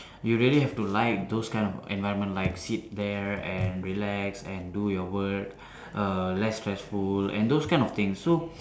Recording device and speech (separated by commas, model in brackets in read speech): standing microphone, conversation in separate rooms